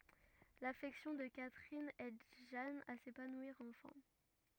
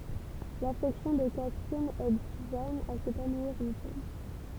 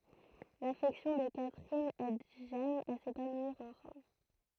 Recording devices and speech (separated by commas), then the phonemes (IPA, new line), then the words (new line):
rigid in-ear microphone, temple vibration pickup, throat microphone, read sentence
lafɛksjɔ̃ də katʁin ɛd ʒan a sepanwiʁ ɑ̃fɛ̃
L’affection de Catherine aide Jeanne à s'épanouir enfin.